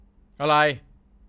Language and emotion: Thai, angry